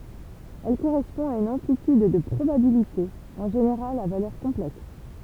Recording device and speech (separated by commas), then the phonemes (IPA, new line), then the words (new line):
temple vibration pickup, read sentence
ɛl koʁɛspɔ̃ a yn ɑ̃plityd də pʁobabilite ɑ̃ ʒeneʁal a valœʁ kɔ̃plɛks
Elle correspond à une amplitude de probabilité, en général à valeur complexe.